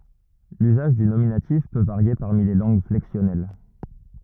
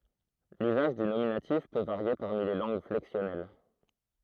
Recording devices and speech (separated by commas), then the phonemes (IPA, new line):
rigid in-ear microphone, throat microphone, read sentence
lyzaʒ dy nominatif pø vaʁje paʁmi le lɑ̃ɡ flɛksjɔnɛl